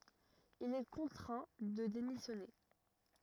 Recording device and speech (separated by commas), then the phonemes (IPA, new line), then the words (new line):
rigid in-ear microphone, read sentence
il ɛ kɔ̃tʁɛ̃ də demisjɔne
Il est contraint de démissionner.